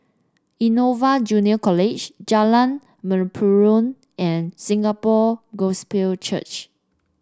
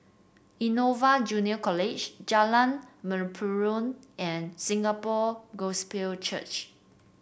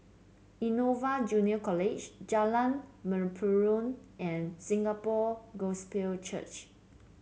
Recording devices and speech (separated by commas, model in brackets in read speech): standing microphone (AKG C214), boundary microphone (BM630), mobile phone (Samsung C7), read sentence